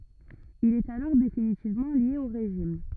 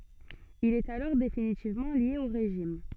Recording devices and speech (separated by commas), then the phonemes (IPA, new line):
rigid in-ear microphone, soft in-ear microphone, read sentence
il ɛt alɔʁ definitivmɑ̃ lje o ʁeʒim